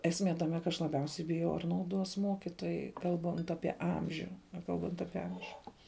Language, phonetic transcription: Lithuanian, esˈmė taˈme ka aš laˈbiausiai biˈjau ar nauˈduos ˈmuokitojai ˈkalbant ˈapie ˈamžiu ˈnekalbant ˈapie ˈamžiu

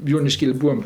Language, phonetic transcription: Lithuanian, joniˈškėli ˈbūam

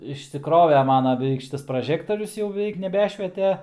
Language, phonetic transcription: Lithuanian, išsiˈkrove ˈmana beˈveik ˈšitas praˈžektorius jau beˈveik neˈbešviete

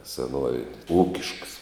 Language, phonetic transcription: Lithuanian, seˈnuovėn' ˈūkišks

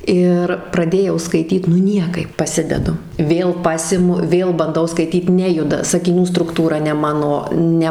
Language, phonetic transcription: Lithuanian, ˈir praˈdėjau skaiˈtyt nu ˈniekaip paˈsidedu ˈvėl ˈpasimu ˈvėl banˈdau skaiˈtyt ˈnejuda sakiˈnių strukˈtūra ne ˈmano ˈne

